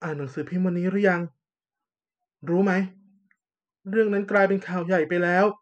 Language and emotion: Thai, frustrated